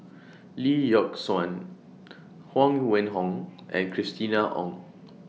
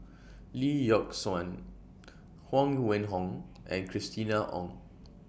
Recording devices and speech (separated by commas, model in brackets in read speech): mobile phone (iPhone 6), boundary microphone (BM630), read sentence